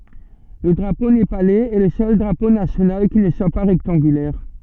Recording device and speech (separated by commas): soft in-ear microphone, read sentence